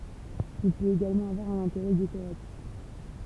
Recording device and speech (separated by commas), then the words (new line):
temple vibration pickup, read sentence
Il peut également avoir un intérêt décoratif.